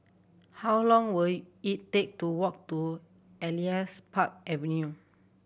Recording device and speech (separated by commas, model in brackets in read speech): boundary microphone (BM630), read sentence